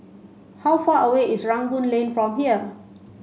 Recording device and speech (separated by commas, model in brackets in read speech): mobile phone (Samsung C5), read sentence